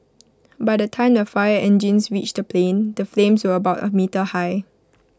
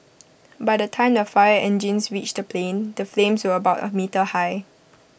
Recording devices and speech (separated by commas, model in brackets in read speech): close-talking microphone (WH20), boundary microphone (BM630), read sentence